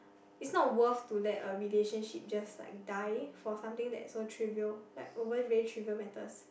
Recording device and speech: boundary microphone, conversation in the same room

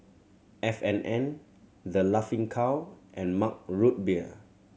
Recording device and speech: mobile phone (Samsung C7100), read sentence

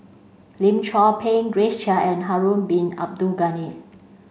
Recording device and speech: mobile phone (Samsung C5), read sentence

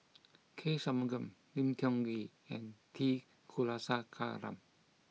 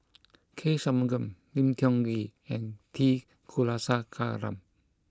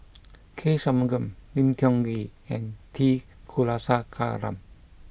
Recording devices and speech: mobile phone (iPhone 6), close-talking microphone (WH20), boundary microphone (BM630), read sentence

